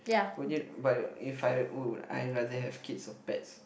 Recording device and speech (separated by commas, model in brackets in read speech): boundary microphone, conversation in the same room